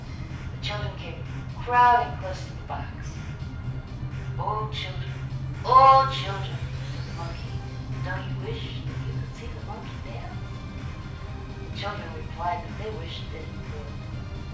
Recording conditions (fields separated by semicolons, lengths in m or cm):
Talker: one person; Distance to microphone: 5.8 m; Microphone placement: far; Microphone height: 1.8 m; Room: medium-sized (5.7 m by 4.0 m); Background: music